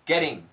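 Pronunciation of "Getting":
In 'getting', the t is said as a d sound.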